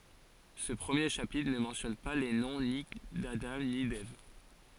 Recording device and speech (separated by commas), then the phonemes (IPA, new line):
forehead accelerometer, read sentence
sə pʁəmje ʃapitʁ nə mɑ̃tjɔn pa le nɔ̃ ni dadɑ̃ ni dɛv